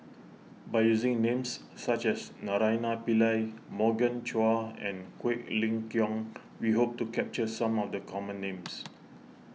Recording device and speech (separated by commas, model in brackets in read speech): mobile phone (iPhone 6), read sentence